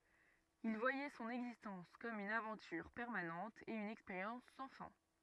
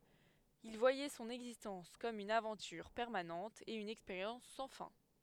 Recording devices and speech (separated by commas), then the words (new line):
rigid in-ear microphone, headset microphone, read sentence
Il voyait son existence comme une aventure permanente et une expérience sans fin.